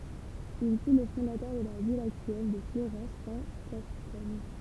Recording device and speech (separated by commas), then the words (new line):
temple vibration pickup, read sentence
Il fut le fondateur de la ville actuelle de Fleurance en Gascogne.